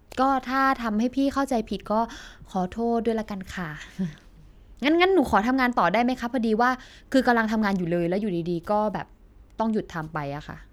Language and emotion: Thai, frustrated